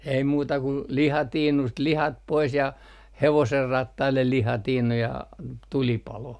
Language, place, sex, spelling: Finnish, Artjärvi, male, ei muuta kuin lihatiinusta lihat pois ja hevosenrattaille lihatiinu ja tulipaloon
- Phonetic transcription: ei 'muuta kun , 'lihatiinust 'lihat pois ja "hevoserrattaillel 'lihatiinu ja , tulipaloh .

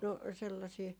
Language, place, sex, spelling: Finnish, Jaala, female, no sellaisia
- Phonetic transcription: "no , 'sellasii ,.

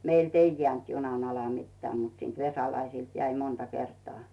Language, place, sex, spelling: Finnish, Rautu, female, meiltä ei jäänyt junan alle mitään mutta siitä Vesalaisilta jäi monta kertaa
- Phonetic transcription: 'meilt ‿"ei 'jᵉä̀nt 'junan ‿ala 'mittᵉä̀ mut siint 'Vesalaisìlt jäi 'monta 'kertᵒà .

